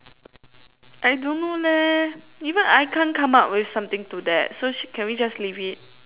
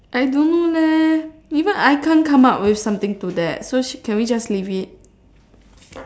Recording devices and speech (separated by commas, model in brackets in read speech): telephone, standing microphone, conversation in separate rooms